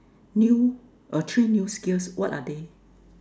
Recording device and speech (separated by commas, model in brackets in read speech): standing microphone, conversation in separate rooms